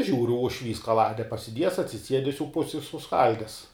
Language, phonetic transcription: Lithuanian, ˈžiūru ušˈvys kaˈlade pasiˈdiejes atsiˈsiedes jau ˈpusi i suˈskaldes

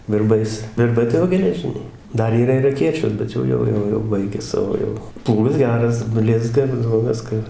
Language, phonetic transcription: Lithuanian, virˈbais virˈbai tai ˈjo geleˈžiniai ˈdar yˈra ir aˈkėčios bet ˈjau ˈjau ˈjau jau ˈbaigia ˈsavo jau ˈplūgas ˈgeras ˈblizga ir jau ˈviska

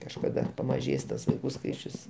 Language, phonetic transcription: Lithuanian, kažkaˈda pamaˈžės tas vaiˈkų ˈskaičius

